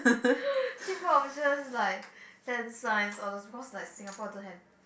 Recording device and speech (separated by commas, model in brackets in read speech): boundary microphone, conversation in the same room